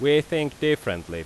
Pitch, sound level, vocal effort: 145 Hz, 91 dB SPL, very loud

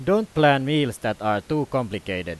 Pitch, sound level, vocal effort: 135 Hz, 94 dB SPL, very loud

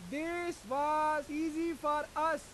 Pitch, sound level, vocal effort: 305 Hz, 101 dB SPL, very loud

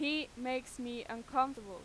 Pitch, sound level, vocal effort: 255 Hz, 93 dB SPL, very loud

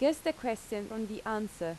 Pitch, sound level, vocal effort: 220 Hz, 84 dB SPL, loud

